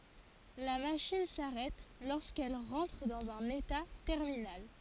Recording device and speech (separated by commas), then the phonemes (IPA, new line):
forehead accelerometer, read sentence
la maʃin saʁɛt loʁskɛl ʁɑ̃tʁ dɑ̃z œ̃n eta tɛʁminal